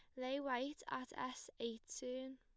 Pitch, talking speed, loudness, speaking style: 255 Hz, 165 wpm, -45 LUFS, plain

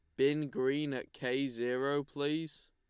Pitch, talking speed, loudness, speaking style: 140 Hz, 145 wpm, -34 LUFS, Lombard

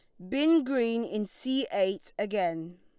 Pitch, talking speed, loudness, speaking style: 215 Hz, 145 wpm, -29 LUFS, Lombard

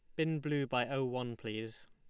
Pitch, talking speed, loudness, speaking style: 125 Hz, 215 wpm, -36 LUFS, Lombard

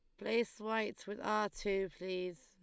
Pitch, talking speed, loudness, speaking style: 205 Hz, 160 wpm, -38 LUFS, Lombard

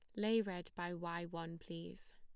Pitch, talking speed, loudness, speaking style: 170 Hz, 185 wpm, -42 LUFS, plain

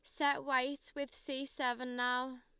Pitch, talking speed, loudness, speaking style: 265 Hz, 165 wpm, -37 LUFS, Lombard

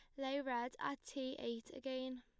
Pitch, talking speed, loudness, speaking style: 260 Hz, 180 wpm, -44 LUFS, plain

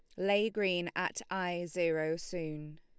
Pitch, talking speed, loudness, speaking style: 175 Hz, 140 wpm, -34 LUFS, Lombard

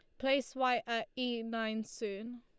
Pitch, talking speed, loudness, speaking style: 235 Hz, 165 wpm, -36 LUFS, Lombard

